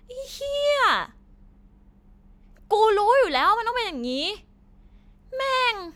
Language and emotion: Thai, angry